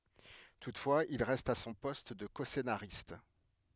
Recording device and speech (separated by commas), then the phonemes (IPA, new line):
headset microphone, read sentence
tutfwaz il ʁɛst a sɔ̃ pɔst də kɔsenaʁist